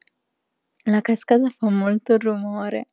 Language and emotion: Italian, happy